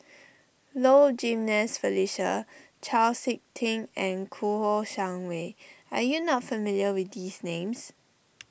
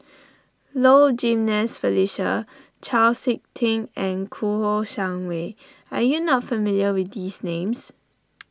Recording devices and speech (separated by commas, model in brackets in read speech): boundary microphone (BM630), standing microphone (AKG C214), read sentence